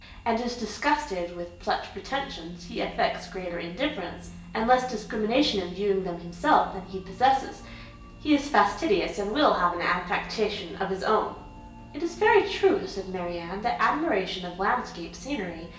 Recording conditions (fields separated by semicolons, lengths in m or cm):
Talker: one person; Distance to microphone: 1.8 m; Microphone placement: close; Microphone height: 1.0 m; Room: large; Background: music